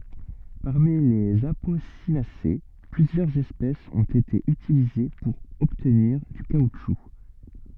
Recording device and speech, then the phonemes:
soft in-ear microphone, read sentence
paʁmi lez aposinase plyzjœʁz ɛspɛsz ɔ̃t ete ytilize puʁ ɔbtniʁ dy kautʃu

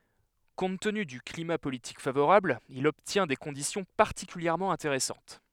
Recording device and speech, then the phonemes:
headset microphone, read sentence
kɔ̃t təny dy klima politik favoʁabl il ɔbtjɛ̃ de kɔ̃disjɔ̃ paʁtikyljɛʁmɑ̃ ɛ̃teʁɛsɑ̃t

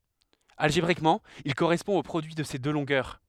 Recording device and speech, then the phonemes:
headset microphone, read sentence
alʒebʁikmɑ̃ il koʁɛspɔ̃ o pʁodyi də se dø lɔ̃ɡœʁ

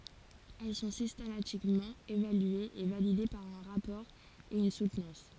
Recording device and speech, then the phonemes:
forehead accelerometer, read sentence
ɛl sɔ̃ sistematikmɑ̃ evalyez e valide paʁ œ̃ ʁapɔʁ e yn sutnɑ̃s

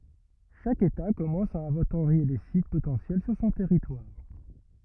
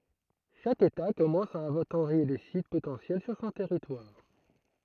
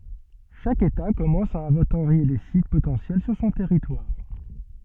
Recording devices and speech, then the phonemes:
rigid in-ear microphone, throat microphone, soft in-ear microphone, read sentence
ʃak eta kɔmɑ̃s a ɛ̃vɑ̃toʁje le sit potɑ̃sjɛl syʁ sɔ̃ tɛʁitwaʁ

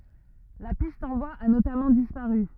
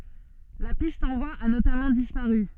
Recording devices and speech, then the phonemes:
rigid in-ear microphone, soft in-ear microphone, read sentence
la pist ɑ̃ bwaz a notamɑ̃ dispaʁy

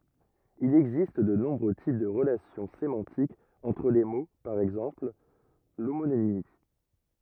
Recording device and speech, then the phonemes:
rigid in-ear microphone, read sentence
il ɛɡzist də nɔ̃bʁø tip də ʁəlasjɔ̃ semɑ̃tikz ɑ̃tʁ le mo paʁ ɛɡzɑ̃pl lomonimi

